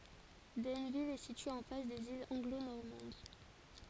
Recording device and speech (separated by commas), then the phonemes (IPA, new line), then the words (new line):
forehead accelerometer, read sentence
dɛnvil ɛ sitye ɑ̃ fas dez ilz ɑ̃ɡlo nɔʁmɑ̃d
Denneville est située en face des îles Anglo-Normandes.